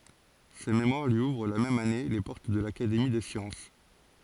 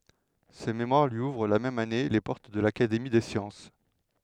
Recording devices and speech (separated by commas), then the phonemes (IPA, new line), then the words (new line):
forehead accelerometer, headset microphone, read sentence
sə memwaʁ lyi uvʁ la mɛm ane le pɔʁt də lakademi de sjɑ̃s
Ce mémoire lui ouvre la même année les portes de l'Académie des sciences.